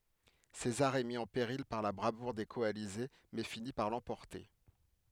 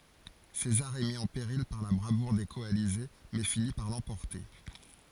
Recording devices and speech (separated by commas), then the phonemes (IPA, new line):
headset microphone, forehead accelerometer, read sentence
sezaʁ ɛ mi ɑ̃ peʁil paʁ la bʁavuʁ de kɔalize mɛ fini paʁ lɑ̃pɔʁte